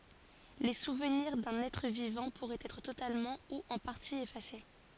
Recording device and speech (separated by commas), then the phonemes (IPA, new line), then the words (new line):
forehead accelerometer, read sentence
le suvniʁ dœ̃n ɛtʁ vivɑ̃ puʁɛt ɛtʁ totalmɑ̃ u ɑ̃ paʁti efase
Les souvenirs d'un être vivant pourraient être totalement ou en partie effacés.